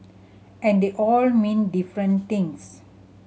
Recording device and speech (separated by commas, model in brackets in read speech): mobile phone (Samsung C7100), read sentence